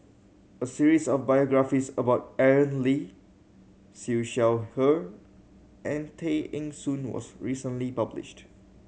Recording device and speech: mobile phone (Samsung C7100), read sentence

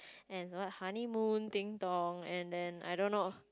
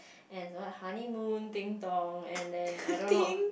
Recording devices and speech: close-talking microphone, boundary microphone, conversation in the same room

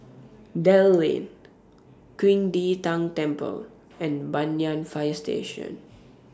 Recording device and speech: standing microphone (AKG C214), read sentence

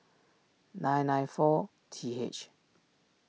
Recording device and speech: mobile phone (iPhone 6), read sentence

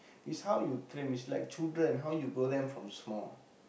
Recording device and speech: boundary microphone, conversation in the same room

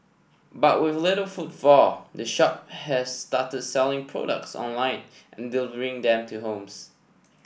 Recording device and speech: boundary microphone (BM630), read sentence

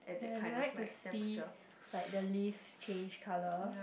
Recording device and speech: boundary microphone, conversation in the same room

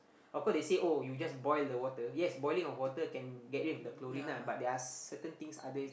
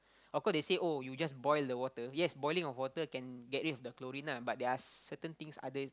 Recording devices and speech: boundary microphone, close-talking microphone, conversation in the same room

